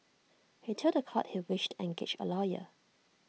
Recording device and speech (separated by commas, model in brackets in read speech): mobile phone (iPhone 6), read sentence